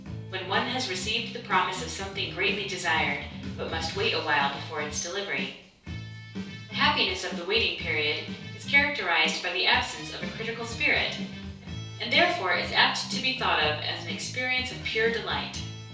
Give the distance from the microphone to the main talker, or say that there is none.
3.0 m.